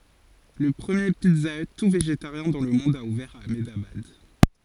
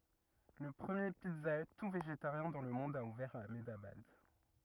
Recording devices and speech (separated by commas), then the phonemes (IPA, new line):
forehead accelerometer, rigid in-ear microphone, read sentence
lə pʁəmje pizza y tu veʒetaʁjɛ̃ dɑ̃ lə mɔ̃d a uvɛʁ a amdabad